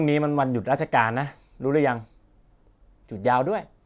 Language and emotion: Thai, frustrated